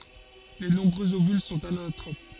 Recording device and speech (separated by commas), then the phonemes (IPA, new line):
forehead accelerometer, read sentence
le nɔ̃bʁøz ovyl sɔ̃t anatʁop